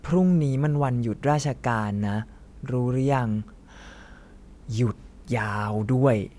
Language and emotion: Thai, frustrated